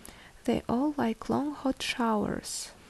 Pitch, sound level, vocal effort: 245 Hz, 70 dB SPL, soft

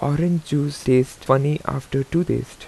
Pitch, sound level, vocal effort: 145 Hz, 81 dB SPL, soft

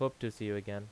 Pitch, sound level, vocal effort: 105 Hz, 84 dB SPL, normal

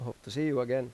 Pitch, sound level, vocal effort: 125 Hz, 88 dB SPL, normal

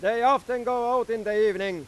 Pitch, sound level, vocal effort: 230 Hz, 105 dB SPL, very loud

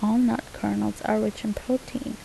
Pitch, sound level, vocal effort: 220 Hz, 75 dB SPL, soft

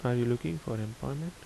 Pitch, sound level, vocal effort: 125 Hz, 74 dB SPL, soft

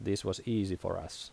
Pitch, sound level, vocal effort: 95 Hz, 79 dB SPL, normal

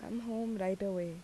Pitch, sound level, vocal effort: 200 Hz, 80 dB SPL, soft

